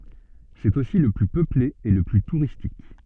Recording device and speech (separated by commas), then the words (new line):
soft in-ear microphone, read sentence
C'est aussi le plus peuplé et le plus touristique.